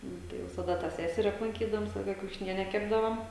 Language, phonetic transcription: Lithuanian, ˈnu tai visaˈda tą ˈseseri aplanˈkydavom ˈvisa ˈlaika kiaušiˈniene ˈkepdavom

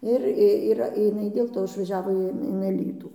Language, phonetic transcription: Lithuanian, ˈir ˈyra iˈnai dėl ˈto išvaˈžiavo in in aˈlytų

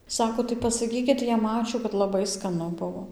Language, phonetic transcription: Lithuanian, ˈsako tai pasaˈkykit jam ˈačiū kad laˈbai skaˈnu ˈbuvo

